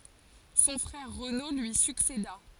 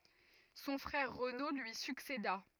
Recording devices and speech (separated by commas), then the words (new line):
forehead accelerometer, rigid in-ear microphone, read sentence
Son frère Renaud lui succéda.